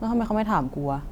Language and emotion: Thai, frustrated